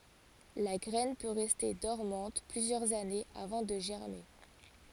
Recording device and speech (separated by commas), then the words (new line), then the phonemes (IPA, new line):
forehead accelerometer, read sentence
La graine peut rester dormante plusieurs années avant de germer.
la ɡʁɛn pø ʁɛste dɔʁmɑ̃t plyzjœʁz anez avɑ̃ də ʒɛʁme